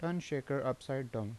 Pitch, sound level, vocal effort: 135 Hz, 81 dB SPL, normal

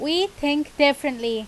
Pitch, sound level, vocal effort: 290 Hz, 90 dB SPL, very loud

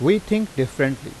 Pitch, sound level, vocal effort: 155 Hz, 90 dB SPL, loud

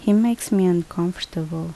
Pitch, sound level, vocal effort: 180 Hz, 76 dB SPL, normal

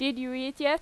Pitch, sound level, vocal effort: 275 Hz, 91 dB SPL, loud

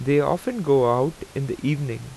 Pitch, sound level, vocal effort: 140 Hz, 87 dB SPL, normal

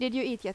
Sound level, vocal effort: 86 dB SPL, loud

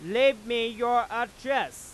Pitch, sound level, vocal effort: 240 Hz, 104 dB SPL, loud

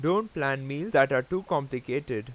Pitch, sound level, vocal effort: 140 Hz, 91 dB SPL, loud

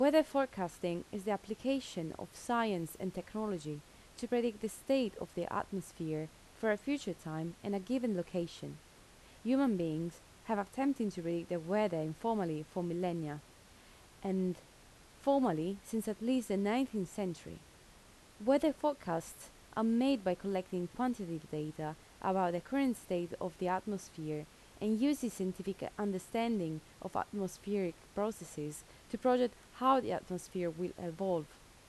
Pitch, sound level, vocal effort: 195 Hz, 81 dB SPL, normal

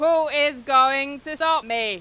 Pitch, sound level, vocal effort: 290 Hz, 104 dB SPL, very loud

